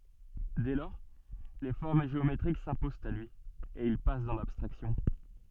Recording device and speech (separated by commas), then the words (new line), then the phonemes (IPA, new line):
soft in-ear microphone, read sentence
Dès lors, les formes géométriques s'imposent à lui, et il passe dans l'abstraction.
dɛ lɔʁ le fɔʁm ʒeometʁik sɛ̃pozɑ̃t a lyi e il pas dɑ̃ labstʁaksjɔ̃